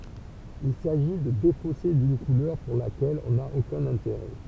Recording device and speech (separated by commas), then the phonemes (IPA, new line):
temple vibration pickup, read sentence
il saʒi də defose dyn kulœʁ puʁ lakɛl ɔ̃ na okœ̃n ɛ̃teʁɛ